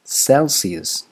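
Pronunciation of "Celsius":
'Celsius' is pronounced correctly here: the third consonant sound is an s, not sh.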